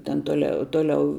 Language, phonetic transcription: Lithuanian, ten toˈle ˈtoˌliau

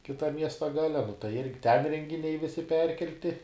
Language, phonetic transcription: Lithuanian, kiˈtam ˈmiesta ˈgale nu tai ˈirgi ten rengiˈniai ˈvisi ˈperkelti

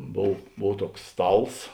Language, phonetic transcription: Lithuanian, ˈbov ˈbov ˈtuoks ˈstals

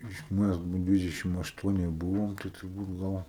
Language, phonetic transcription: Lithuanian, ˈiš ˈmæs bu ˈdvidešim ašˈtuonie ˈbūvom tai turˈbūt ˈgal

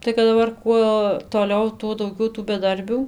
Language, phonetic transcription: Lithuanian, tai kad daˈbar ˈkuo toˈliau ˈtuo dauˈgiau tų beˈdarbių

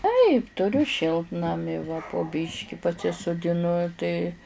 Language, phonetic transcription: Lithuanian, taip tuˈriu ˈšiltnami va po ˈbyški pasisudiˈnu tai

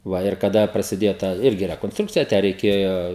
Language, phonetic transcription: Lithuanian, ˈva ir kaˈda prasiˈdėjo ˈtą ˈirgi rekonsˈtrukcija ˈtę reiˈkėjo

